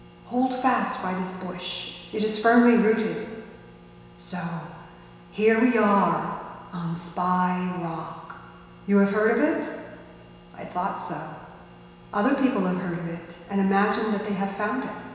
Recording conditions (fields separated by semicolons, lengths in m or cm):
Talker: one person; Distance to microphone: 1.7 m; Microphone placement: close; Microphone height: 1.0 m; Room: very reverberant, large; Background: none